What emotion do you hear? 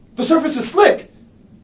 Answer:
fearful